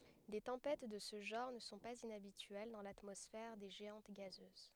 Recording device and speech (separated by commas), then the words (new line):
headset microphone, read sentence
Des tempêtes de ce genre ne sont pas inhabituelles dans l'atmosphère des géantes gazeuses.